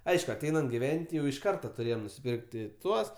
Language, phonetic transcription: Lithuanian, ˈaišku aˈteinant giˈven't' jau iš ˈkarta tuˈrėjem nusipirkt' ti ˈtuos

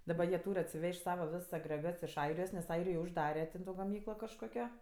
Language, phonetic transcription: Lithuanian, daˈba jie ˈtūr' atsiˈvež't' ˈsava ˈvis agreˈgats iš ˈairijos nes ˈairijoj užˈdare ten ˈto gaˈmyklo kažˈkokio

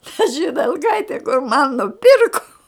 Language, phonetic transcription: Lithuanian, ta židelˈkaite kur man nuˈpirko

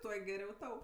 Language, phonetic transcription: Lithuanian, ˈtuo geˈriau ˈtau

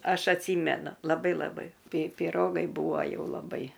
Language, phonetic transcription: Lithuanian, ˈaš atˈsymenu laˈbai laˈbai ˈpi piˈrogai ˈbūva ˈjau laˈbai

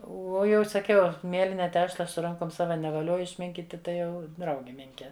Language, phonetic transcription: Lithuanian, ˈuo ˈjau saˈkiau ˈmieline ˈtešla su ˈrankom ˈsava nevaˈlioju išˈminkyti ˈtai ˈjau ˈdraugi ˈminke

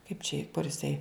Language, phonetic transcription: Lithuanian, kaip čia i kur iˈsai

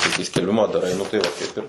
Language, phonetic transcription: Lithuanian, tai kai skelˈbimą daˈrai nu tai ˈva ˈkaip ir

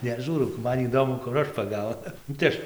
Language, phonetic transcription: Lithuanian, neˈžūrau ˈman įˈdomu kur ˈaš paˈgaunu nu tai ˈaš

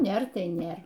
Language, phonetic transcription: Lithuanian, ˈnėr ˈtai ˈnėr

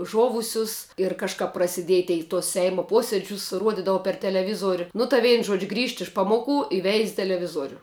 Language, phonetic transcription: Lithuanian, ˈžovusius ir kažˈkap prasiˈdiej ˈtei i tuos ˈseimo ˈposiedžius ˈruodidava per teleˈvizuoriu nu tai ˈvein žuodž' grįžt iš ˈpamoˌku i veiz' teleˈvizuoriu

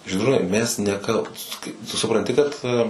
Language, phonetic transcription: Lithuanian, žydˈrūnai ˈmes neˈkalbūs tu supranˈti kad

